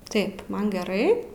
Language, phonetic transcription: Lithuanian, ˈtaip ˈman geˈrai

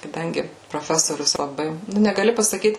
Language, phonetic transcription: Lithuanian, kaˈdangi proˈfesorius laˈbai nu negaˈli pasaˈkyt

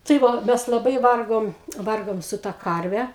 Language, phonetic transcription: Lithuanian, tai ˈva ˈmes laˈbai ˈvargom ˈvargom su ta ˈkarve

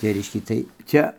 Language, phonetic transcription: Lithuanian, tai ˈreiškia ˈtai ˈcia

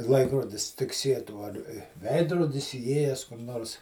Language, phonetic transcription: Lithuanian, ˈlaikrodis tikˈsietų ar ˈveidrodis įˈėjes kur ˈnors

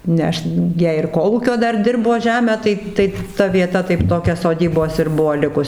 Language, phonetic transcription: Lithuanian, ne ˈaš ˈjie ir ˈkolūkio ˈdar ˈdirbo ˈžemę ˈtai ˈtai ta vieˈta taip ˈtokia soˈdybos ir ˈbuoˈ likus

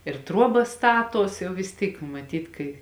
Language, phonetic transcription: Lithuanian, ir ˈtruobas ˈstaˌtuos ˈjau vis ˈtyk maˈtyt kai

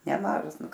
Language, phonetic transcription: Lithuanian, neˈmažas ˈnu

